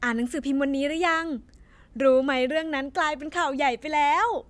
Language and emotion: Thai, happy